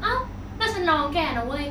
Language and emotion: Thai, frustrated